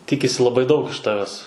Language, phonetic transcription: Lithuanian, ˈtikisi laˈbai daug iš ˈtaves

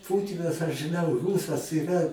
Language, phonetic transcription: Lithuanian, ˈpūtinas aš žɨˈnau ˈrūsas yˈra

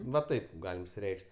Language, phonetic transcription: Lithuanian, va ˈtaip ˈgalim išsiˈreikš't'

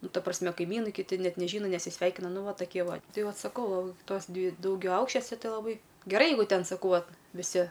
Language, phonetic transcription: Lithuanian, ˈnu ˈta prasˈme kaiˈmynai kiˈti ˈnet neˈžyna nesiˈsveikina ˈnu ˈva taˈkie ˈva ˈtai ˈvat saˈkau ˈtos ˈdvi daugiaˈaukščiose ˈtai laˈbai geˈrai ˈjeigu ˈten saˈkau ˈvat viˈsi

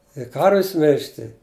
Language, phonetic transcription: Lithuanian, i ˈkarvis ˈmilžti

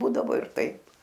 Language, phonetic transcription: Lithuanian, ˈbūdavo ir ˈtaip

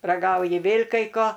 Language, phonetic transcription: Lithuanian, raˈgauji ˈvėl' kai ˈko

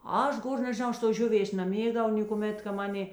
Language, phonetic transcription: Lithuanian, ˈaš ˈgor nežiˈnau ˈaš tos ˈžiuˌvės naˈmėgdavau nėkuˈmėt ka ˈmaˌnė

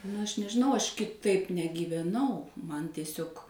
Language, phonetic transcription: Lithuanian, nu ˈaš nežiˈnau ˈaš kiˈtaip negyveˈnau ˈman tieˈsiog

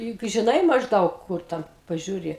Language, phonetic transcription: Lithuanian, juk žiˈnai mažˈdaug ˈkur ˈten pažiūˈri

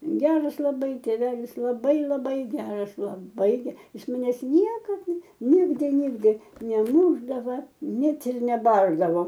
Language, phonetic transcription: Lithuanian, ˈgeras laˈbai tėˈvelis laˈbai laˈbai ˈgeras laˈbai ˈjis maˈnes ˈniekad ˈnigdi ˈnigdi neˈmūšdava ˈnet ir neˈbardavo

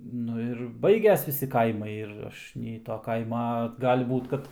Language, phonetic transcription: Lithuanian, ˈnu ir ˈbaiges ˈvisi ˈkaimai ir ˈaš nei to ˈkaima ˈgali ˈbūt kad

